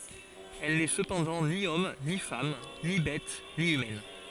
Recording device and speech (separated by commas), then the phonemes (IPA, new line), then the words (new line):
forehead accelerometer, read sentence
ɛl nɛ səpɑ̃dɑ̃ ni ɔm ni fam ni bɛt ni ymɛn
Elle n'est cependant ni homme, ni femme, ni bête, ni humaine.